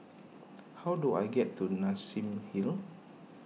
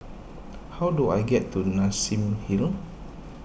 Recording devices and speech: mobile phone (iPhone 6), boundary microphone (BM630), read sentence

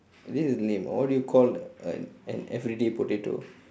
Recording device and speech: standing microphone, conversation in separate rooms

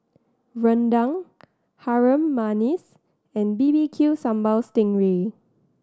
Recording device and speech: standing microphone (AKG C214), read sentence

